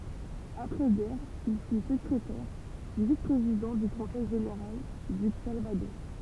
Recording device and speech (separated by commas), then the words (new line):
temple vibration pickup, read sentence
Après-guerre, il fut secrétaire, puis vice-président du conseil général du Calvados.